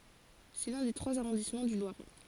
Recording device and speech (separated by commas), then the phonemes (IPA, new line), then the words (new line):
forehead accelerometer, read sentence
sɛ lœ̃ de tʁwaz aʁɔ̃dismɑ̃ dy lwaʁɛ
C'est l'un des trois arrondissements du Loiret.